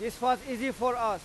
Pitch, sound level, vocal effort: 250 Hz, 101 dB SPL, very loud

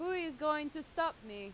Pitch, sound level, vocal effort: 305 Hz, 93 dB SPL, very loud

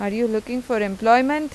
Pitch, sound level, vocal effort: 235 Hz, 88 dB SPL, normal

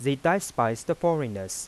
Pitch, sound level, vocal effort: 140 Hz, 89 dB SPL, soft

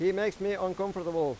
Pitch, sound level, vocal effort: 190 Hz, 95 dB SPL, loud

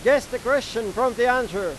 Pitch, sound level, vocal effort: 250 Hz, 103 dB SPL, very loud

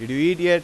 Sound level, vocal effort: 95 dB SPL, loud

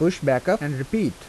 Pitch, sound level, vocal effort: 140 Hz, 85 dB SPL, normal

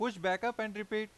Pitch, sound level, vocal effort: 215 Hz, 95 dB SPL, loud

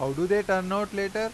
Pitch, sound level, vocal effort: 200 Hz, 94 dB SPL, loud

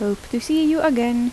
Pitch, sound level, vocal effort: 240 Hz, 80 dB SPL, soft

